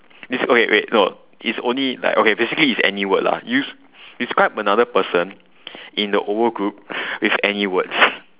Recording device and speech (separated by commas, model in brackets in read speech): telephone, conversation in separate rooms